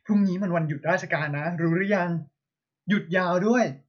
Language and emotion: Thai, happy